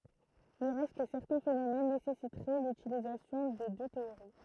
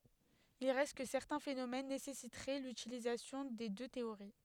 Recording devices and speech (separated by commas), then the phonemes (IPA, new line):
throat microphone, headset microphone, read sentence
il ʁɛst kə sɛʁtɛ̃ fenomɛn nesɛsitʁɛ lytilizasjɔ̃ de dø teoʁi